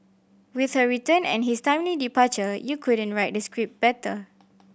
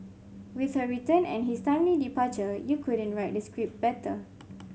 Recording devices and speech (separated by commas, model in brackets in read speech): boundary microphone (BM630), mobile phone (Samsung C5), read sentence